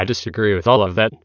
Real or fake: fake